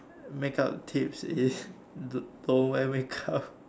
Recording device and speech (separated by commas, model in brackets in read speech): standing microphone, conversation in separate rooms